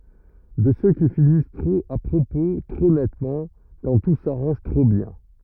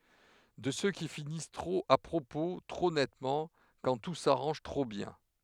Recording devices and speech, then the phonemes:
rigid in-ear microphone, headset microphone, read sentence
də sø ki finis tʁop a pʁopo tʁo nɛtmɑ̃ kɑ̃ tu saʁɑ̃ʒ tʁo bjɛ̃

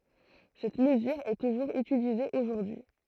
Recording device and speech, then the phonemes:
throat microphone, read sentence
sɛt məzyʁ ɛ tuʒuʁz ytilize oʒuʁdyi

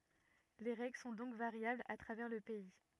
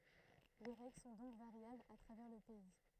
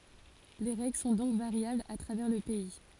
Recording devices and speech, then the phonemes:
rigid in-ear microphone, throat microphone, forehead accelerometer, read sentence
le ʁɛɡl sɔ̃ dɔ̃k vaʁjablz a tʁavɛʁ lə pɛi

